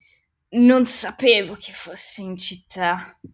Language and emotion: Italian, angry